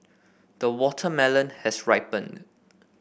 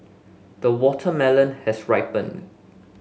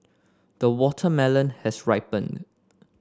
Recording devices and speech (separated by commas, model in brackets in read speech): boundary microphone (BM630), mobile phone (Samsung S8), standing microphone (AKG C214), read sentence